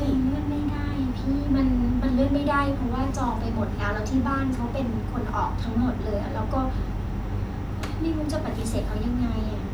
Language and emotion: Thai, frustrated